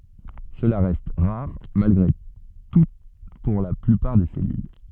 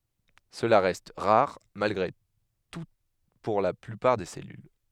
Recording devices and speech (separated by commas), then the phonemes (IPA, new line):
soft in-ear microphone, headset microphone, read sentence
səla ʁɛst ʁaʁ malɡʁe tu puʁ la plypaʁ de sɛlyl